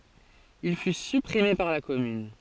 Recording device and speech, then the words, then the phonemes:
forehead accelerometer, read sentence
Il fut supprimé par la commune.
il fy sypʁime paʁ la kɔmyn

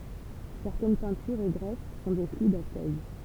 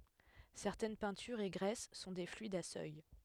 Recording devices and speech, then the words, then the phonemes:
temple vibration pickup, headset microphone, read sentence
Certaines peintures et graisses sont des fluides à seuil.
sɛʁtɛn pɛ̃tyʁz e ɡʁɛs sɔ̃ de flyidz a sœj

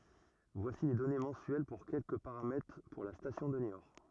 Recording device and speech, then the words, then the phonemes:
rigid in-ear microphone, read sentence
Voici les données mensuelles pour quelques paramètres pour la station de Niort.
vwasi le dɔne mɑ̃syɛl puʁ kɛlkə paʁamɛtʁ puʁ la stasjɔ̃ də njɔʁ

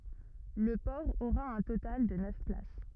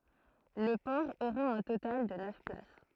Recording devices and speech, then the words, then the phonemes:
rigid in-ear microphone, throat microphone, read sentence
Le port aura un total de neuf places.
lə pɔʁ oʁa œ̃ total də nœf plas

